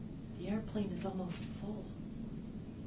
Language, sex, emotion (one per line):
English
female
neutral